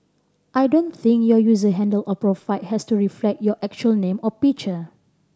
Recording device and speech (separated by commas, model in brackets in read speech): standing microphone (AKG C214), read sentence